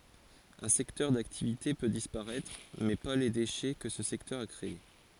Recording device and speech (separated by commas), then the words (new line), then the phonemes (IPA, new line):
forehead accelerometer, read sentence
Un secteur d'activité peut disparaître, mais pas les déchets que ce secteur a créé.
œ̃ sɛktœʁ daktivite pø dispaʁɛtʁ mɛ pa le deʃɛ kə sə sɛktœʁ a kʁee